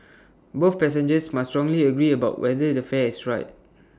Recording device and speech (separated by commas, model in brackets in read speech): standing microphone (AKG C214), read sentence